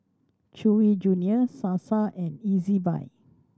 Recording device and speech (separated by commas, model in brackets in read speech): standing microphone (AKG C214), read sentence